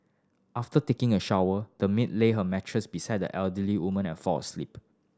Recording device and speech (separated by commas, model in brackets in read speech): standing microphone (AKG C214), read sentence